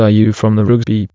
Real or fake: fake